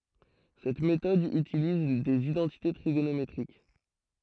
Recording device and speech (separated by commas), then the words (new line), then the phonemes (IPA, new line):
throat microphone, read sentence
Cette méthode utilise des identités trigonométriques.
sɛt metɔd ytiliz dez idɑ̃tite tʁiɡonometʁik